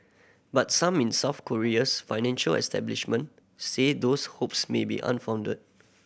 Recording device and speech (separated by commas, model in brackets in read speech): boundary microphone (BM630), read sentence